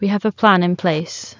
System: none